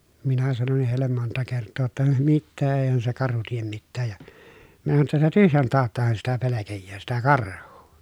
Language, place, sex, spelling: Finnish, Pielisjärvi, male, minä sanoinkin heille monta kertaa jotta mitä eihän se karhu tee mitään ja minä sanoin jotta sitä tyhjän tauttahan sitä pelkää sitä karhua
- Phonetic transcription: minä sanonnih hèillem monta kerttoo ‿tta » mittee èihän se karhu tiem mittääj ja » , minä sano ‿tta » sitä tyhjän taattahan sitä pelekejjää sitä karh̀uu .

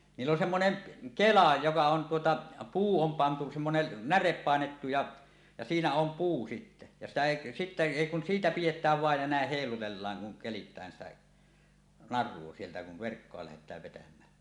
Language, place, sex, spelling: Finnish, Suomussalmi, male, niillä on semmoinen kela joka on tuota puu on pantu semmoinen näre painettu ja ja siinä on puu sitten ja sitä ei sitten ei kun siitä pidetään vain ja näin heilutellaan kun keritään sitä narua sieltä kun verkkoa lähdetään vetämään
- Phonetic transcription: 'niill ‿on 'semmoneŋ̳ , "kela joka on tuota , 'puu om pantu semmonen "närep 'pàenettu ja , ja "siinä om 'puu sitte , ja sitä 'èi , sittä "èi kun "siitä 'piʲet̀ääv 'vàej ja 'nä̀eh 'hèilutellaaŋ kuŋ keli̳t̀ään sitä , "nar̆ruo 'sieltä kuv 'verkkoa lähet̀ääv vetäm̀ää .

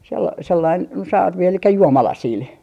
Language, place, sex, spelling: Finnish, Artjärvi, female, - sellainen no sarvi eli juomalasilla
- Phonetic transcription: sel - 'sellain no "sarvi elikkä "juomalasiil .

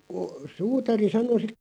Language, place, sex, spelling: Finnish, Loppi, male, kun suutari sanoi -
- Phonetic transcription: ko , "suutari 'sano si- ,.

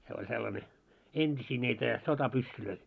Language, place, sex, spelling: Finnish, Moloskovitsa, male, se oli sellainen entisiä niitä sotapyssyjä
- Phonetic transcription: se oĺ 'sellane , "ent́isii niitä , 'sota'pyssylöi .

